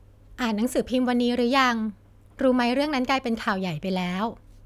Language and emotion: Thai, neutral